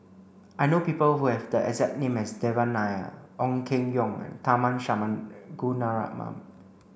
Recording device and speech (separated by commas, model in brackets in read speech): boundary microphone (BM630), read sentence